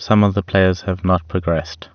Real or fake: real